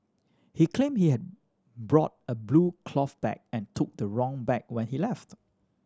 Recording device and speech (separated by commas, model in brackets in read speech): standing microphone (AKG C214), read sentence